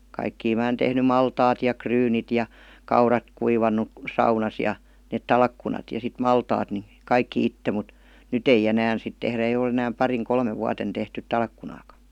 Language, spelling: Finnish, kaikkia minä olen tehnyt maltaat ja ryynit ja kaurat kuivanut saunassa ja ne talkkunat ja sitten maltaat niin kaikki itse mutta nyt ei enää sitten tehdä ei ole enää parina kolmena vuotena tehty talkkunaakaan
- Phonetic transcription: 'kaikkii mää [ole]n tehny "maltaat ja "kryynit ja , 'kaurat 'kuivannu , 'saunas ja , net "talkkunat , ja sit "maltaat ni , 'kaikkⁱ "itte mᵘt , "nyt ‿ei'j ‿enään sit tehrä eij ‿ol ‿enääm 'pariŋ 'kolmev vuaten tehtyt "talkkunaaka .

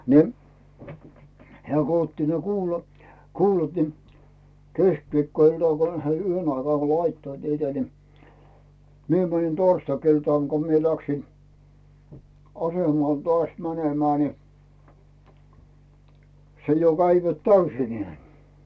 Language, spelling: Finnish, niin hän kun otti ne - kuulat niin keskiviikkoiltana kun he yhden aikaa laittoivat niitä niin minä menin torstai-iltana kun minä lähdin asemalle taas menemään niin se jo kävivät täysinään
- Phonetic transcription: ni̬ , 'heä̀ ko otti ne "kuula , "kuulat ni , "keskviikkoiltàŋ kon he 'yhen ‿aikaa 'laittoit niitä ni , 'mie mänin "torstakiltàŋ ko mie läksin , 'asemàl toàs "mänemää ni , se jo 'käivät "täysinᵉä̀ .

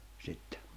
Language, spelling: Finnish, sitten
- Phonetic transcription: 'sittᴇ .

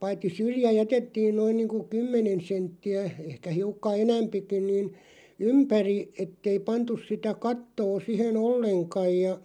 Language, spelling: Finnish, paitsi syrjä jätettiin noin niin kuin kymmenen senttiä ehkä hiukan enempikin niin ympäri että ei pantu sitä kattoa siihen ollenkaan ja
- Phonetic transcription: paitti "syrjä 'jätettiin 'noin niiŋku kymmenen 'sentti₍ä , 'ehkä 'hiukka "enämpikiⁿ niin , "ympäri , 'ettei "pantus sitä "kattoo 'sihen "olleŋkaj ja ,.

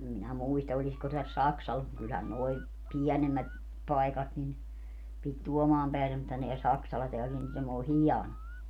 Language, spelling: Finnish, en minä muista olisiko tässä Saksalassa mutta kyllähän nuo pienemmät paikat niin piti Tuomaan päivää mutta nämä Saksala tämä Lind tämä on hieno
- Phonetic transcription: em minä 'muista oĺisko täs "Saksalas mut kylhän 'noi , "piänemmät , 'paikat nin , pit "Tuomaam päi(veä) mutta neä 'Saksala teä 'Lind täm ‿oo "hiano .

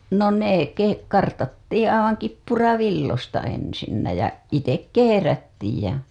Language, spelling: Finnish, no ne - kartattiin aivan kippuravilloista ensin ja itse kehrättiin ja
- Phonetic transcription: no "nee , ke- , 'kartattiiḭ aivaŋ "kippuravillosta ensinnä jä , itek "keherättiij jä .

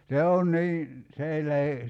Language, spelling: Finnish, no se on se on niin se ei lähde
- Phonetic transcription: nò 'se on , 'se on̆ 'nii , se ei lähe ,.

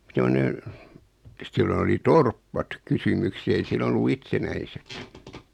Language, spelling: Finnish, semmoinen että silloin oli torpat kysymyksessä ei silloin ollut itsenäiset
- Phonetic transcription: semone , [e]t 'sillon ‿oli "torppat 'kysumykse[s] ei 'silon ‿ollu "itsenäiset .

